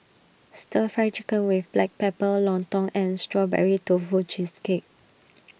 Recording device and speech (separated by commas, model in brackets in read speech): boundary microphone (BM630), read sentence